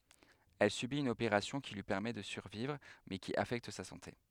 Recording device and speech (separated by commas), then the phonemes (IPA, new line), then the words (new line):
headset microphone, read sentence
ɛl sybit yn opeʁasjɔ̃ ki lyi pɛʁmɛ də syʁvivʁ mɛ ki afɛkt sa sɑ̃te
Elle subit une opération qui lui permet de survivre mais qui affecte sa santé.